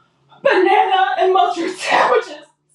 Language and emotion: English, sad